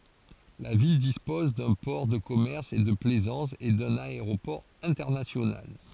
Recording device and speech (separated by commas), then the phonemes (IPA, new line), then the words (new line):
forehead accelerometer, read sentence
la vil dispɔz dœ̃ pɔʁ də kɔmɛʁs e də plɛzɑ̃s e dœ̃n aeʁopɔʁ ɛ̃tɛʁnasjonal
La ville dispose d'un port de commerce et de plaisance, et d'un aéroport international.